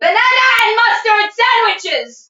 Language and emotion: English, neutral